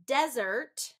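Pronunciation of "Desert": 'Desert' is said as the noun, with the stress on the first syllable.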